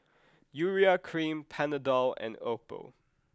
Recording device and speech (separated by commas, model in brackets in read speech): close-talking microphone (WH20), read sentence